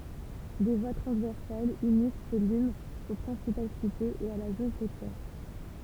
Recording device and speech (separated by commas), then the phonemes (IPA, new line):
temple vibration pickup, read sentence
de vwa tʁɑ̃zvɛʁsalz ynis sə limz o pʁɛ̃sipal sitez e a la zon kotjɛʁ